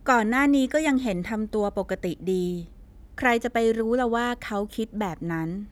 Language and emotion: Thai, neutral